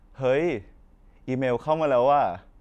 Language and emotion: Thai, happy